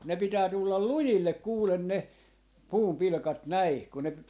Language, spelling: Finnish, ne pitää tulla lujille kuule ne puunpilkat näin kun ne
- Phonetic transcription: ne 'pitää 'tullal "lujillek 'kuulen ne , 'puumpilᵃkat 'näi , kun ne , .

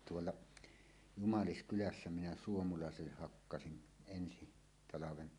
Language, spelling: Finnish, tuolla Jumaliskylässä minä suomalaisille hakkasin ensi talven
- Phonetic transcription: 'tuolla , "Jumaliskylässä minä 'suomulàeselleh hakkasin , 'ensi 'talaven .

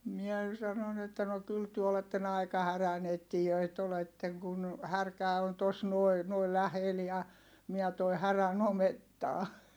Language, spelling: Finnish, minä sanoin että no kyllä te olette aika härän etsijöitä olette kun härkä on tuossa noin noin lähellä ja minä toin härän omettaan
- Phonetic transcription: miɛ , sanon ‿että » no kyl työ oletten ‿ai̮ka häränettijöit oletteŋ kun , härkä̀ on tos nuoi̮ , nuoi lähel ja , miä toi härän ‿omettaa » .

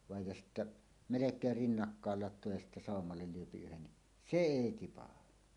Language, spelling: Finnish, vain ja sitten melkein rinnakkain latoo ja sitten sammalen lyö yhden niin se ei tipahda
- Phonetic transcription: vàej ja sittä , "melek̀eer "rinnakkaal lat̆too ja sittä "sàommallel 'lyöpi 'yhen ni , "se "èi tipaha .

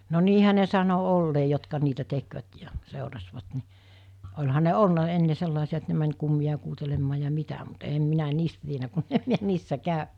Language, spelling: Finnish, no niinhän ne sanoi olleen jotka niitä tekivät ja seurasivat niin olihan ne ollut ennen sellaisia että ne meni kummia kuuntelemaan ja mitä mutta en minä niistä tiennyt kun en minä niissä käynyt
- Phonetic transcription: no 'niihä ne sano 'ollee jotka niitä 'tekvät ja , 'sèorasvat ni , oĺha ne "olna 'enne 'sellàesi₍a et ne män̜ kummiʲa kuutelemmaa ja 'mitä mut 'eem 'minä "niistä tienä kunnem miä 'niissä 'kàönᴀ̈ .

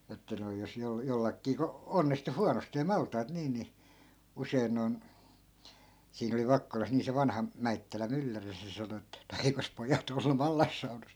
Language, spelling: Finnish, että noin jos - jollakin kun onnistui huonosti maltaat niin niin usein noin siinä oli Vakkolassa niin se vanha Mäittälän mylläri se sanoi että no eikös pojat ollut mallassaunassa
- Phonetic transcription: että noi̮ jos 'jol- , 'jollakkii ko , 'onnistu "huanostee 'malt̀aat 'niin ni , 'usei̮n noi̮n , siin ‿oli 'vakkolas nii se 'vanha , "mäittälä 'mylläri se sano ettᵃ̈ » no 'eikos 'pojat ‿ollu "mallassaunas » .

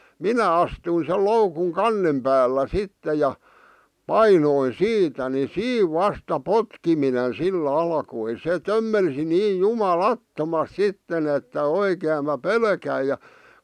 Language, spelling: Finnish, minä astuin sen loukun kannen päällä sitten ja painoin siitä niin siinä vasta potkiminen sillä alkoi se tömmelsi niin jumalattomasti sitten että oikein minä pelkäsin ja
- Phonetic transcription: minä 'astui sel 'loukuŋ "kannem päällä "sitte ja , "painoin "siitä ni "siiv "vasta "potkiminen "sil"l ‿alkoi se 'tömmelsi "niij 'juma"lattomasᵗ 'sitten ‿että "oikeem mä "pelkäi ja ,.

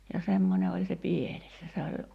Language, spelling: Finnish, ja semmoinen oli se pieles ja se oli
- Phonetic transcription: ja 'semmońe oĺ se "pieles ja se oĺ ,.

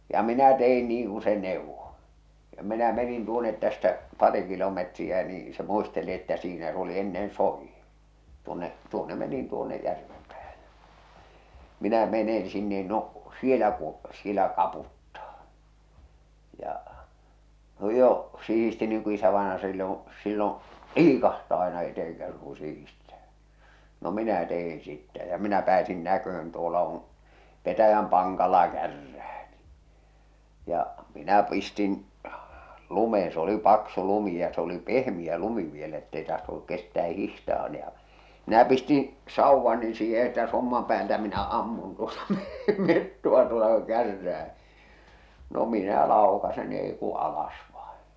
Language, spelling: Finnish, ja minä tein niin kuin se neuvoi ja minä menin tuonne tästä pari kilometriä niin se muisteli että siinä se oli ennen soidin tuonne tuonne menin tuonne järven päähän ja minä menen sinne no siellä kun siellä kaputtaa ja jo sihisti niin kuin isävainaja silloin silloin liikahtaa aina eteenkäsin kun sihistää no minä tein sitten ja minä pääsin näkemään tuolla on petäjän pankalla kärrää niin ja minä pistin lumeen se oli paksu lumi ja se oli pehmeä lumi vielä että ei tahtonut kestää hiihtää - ja minä pistin sauvani siihen että somman päältä minä ammun tuota niin metsoa tuota kun kärrää no minä laukaisen niin ei kuin alas vain
- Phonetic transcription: ja minä 'te₍in niiŋ ku se 'nèuvvo , ja minä menin tuonet tästä , 'pari kilometriä nii , se 'muisteli että siinä s ‿oli ennen "sòijjin̬ , 'tuonne’ , 'tuonne menin tuonne 'järvem päähᴀ̈ ᴊᴀ̈ , 'minä menen̬ sinnen 'no , 'sielä ku , 'sielä 'kaputtaa , ja , jo , 'sih̬isti niiŋ ku 'isävaenaja silloo̰ , silloo̰ , "liikahtaa aena 'eteh̬eŋkäsiŋ ku 'sihistᴀ̈ᴀ̈ , no 'minä 'teh̬in̬ sittä ja , minä pääsin 'näköh̬ön tuola on̬ , 'petäjäm 'paŋkala "kärrää ɴɪ , ja , minä 'pistin , 'lumeeḛ s ‿oli 'paksu 'lumi ja s ‿oli "pehmiʲä 'lumi vielä ettei tahtonuk 'kestää 'hihtaa n- ja , minä pistiḭ , 'sauvvani siihe että 'sommam päältä minä 'ammun tuota nii , 'metto₍a tuota kᴜ 'kärrää , no 'minä 'làokasen ɴɪ èi ku 'alas vaeḛ !

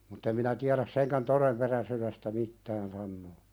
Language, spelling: Finnish, mutta en minä tiedä senkään todenperäisyydestä mitään sanoa
- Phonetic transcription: mutt ‿em minä tiäðäs 'seŋkän "toremperäsyðestä 'mittään sannoo .

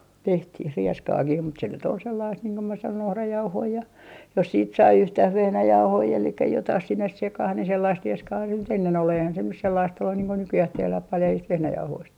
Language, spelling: Finnish, tehtiin rieskaakin mutta se nyt oli sellaista niin kuin minä sanoin ohrajauhoja ja jos sitten sai yhtään vehnäjauhoja eli jotakin sinne sekaan niin sellaista rieskaa nyt ennen oli eihän se nyt sellaista ollut niin kuin nykyään tehdään paljaista vehnäjauhoista
- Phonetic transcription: 'tehtih "rieskaakih mut se nyt ‿ol sellaist niiŋ ko mä sanon 'ohrajauhoi ja , jos siit 'sai 'yhtäh "vehnäjauhoi elikkä 'jotah 'sinnes 'sekah ni 'sellaist 'rieskaa nyt ennen ‿ol eihän se nys sellaist ollun niiŋ ko 'nykyjäh 'tehläh 'paljaist 'vehnäjauhoist .

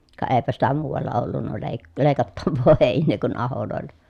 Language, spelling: Finnish, ka eipä sitä muualla ollut - leikattavaa heinää kuin ahoilla
- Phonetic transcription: ka eepä sitä muuᵛalla ollunna lèi̮- , lèi̮kattavvoo hèin̆nee kun aholòellA .

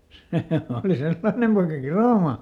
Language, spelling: Finnish, se oli sellainen poika kiroamaan
- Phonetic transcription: ˈsè ˈòli ˈsellaⁱnem poika "kiròma .

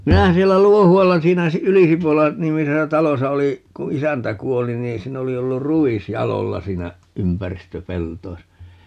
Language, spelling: Finnish, minähän siellä Luohualla siinä - Ylisipola nimisessä talossa olin kun isäntä kuoli niin siinä oli ollut ruis jaloilla siinä ympäristöpelloissa
- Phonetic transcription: 'minähä 'siellä "Luohu₍alla 'siinä Si- , "Ylisipola , 'nimisesä "talosa 'oli , 'ku "isäntä 'kuoli 'nii 'siin ‿oli 'ollur "ru₍is "jalolla siinä , 'ympäristöpeltoisa .

